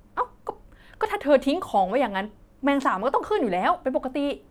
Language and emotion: Thai, frustrated